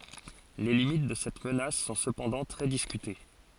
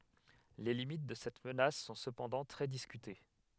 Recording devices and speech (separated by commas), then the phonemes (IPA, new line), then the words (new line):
forehead accelerometer, headset microphone, read sentence
le limit də sɛt mənas sɔ̃ səpɑ̃dɑ̃ tʁɛ diskyte
Les limites de cette menace sont cependant très discutées.